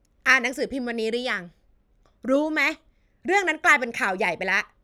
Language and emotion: Thai, angry